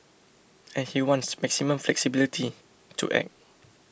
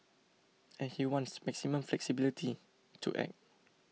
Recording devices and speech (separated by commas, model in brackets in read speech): boundary microphone (BM630), mobile phone (iPhone 6), read sentence